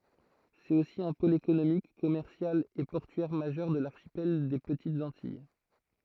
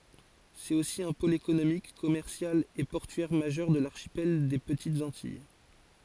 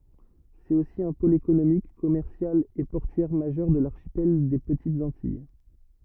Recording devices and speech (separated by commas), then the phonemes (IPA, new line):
throat microphone, forehead accelerometer, rigid in-ear microphone, read sentence
sɛt osi œ̃ pol ekonomik kɔmɛʁsjal e pɔʁtyɛʁ maʒœʁ də laʁʃipɛl de pətitz ɑ̃tij